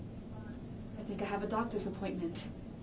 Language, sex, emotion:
English
female
neutral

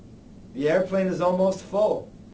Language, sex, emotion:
English
male
neutral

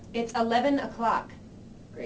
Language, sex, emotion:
English
female
angry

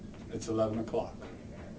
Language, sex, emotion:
English
male
neutral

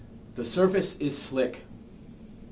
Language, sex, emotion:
English
male
neutral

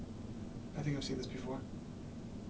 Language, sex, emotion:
English
male
neutral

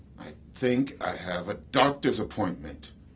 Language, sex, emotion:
English
male
angry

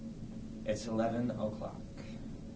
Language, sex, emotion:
English
male
neutral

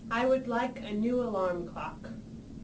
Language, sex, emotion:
English
female
neutral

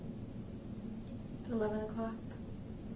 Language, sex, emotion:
English
female
sad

